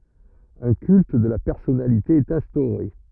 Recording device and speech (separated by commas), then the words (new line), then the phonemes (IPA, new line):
rigid in-ear microphone, read sentence
Un culte de la personnalité est instauré.
œ̃ kylt də la pɛʁsɔnalite ɛt ɛ̃stoʁe